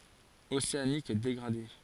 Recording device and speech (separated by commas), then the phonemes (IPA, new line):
forehead accelerometer, read sentence
oseanik deɡʁade